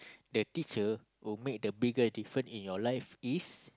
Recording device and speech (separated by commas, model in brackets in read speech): close-talking microphone, conversation in the same room